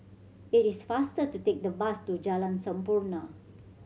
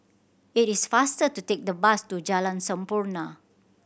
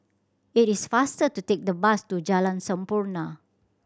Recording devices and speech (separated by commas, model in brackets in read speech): mobile phone (Samsung C7100), boundary microphone (BM630), standing microphone (AKG C214), read sentence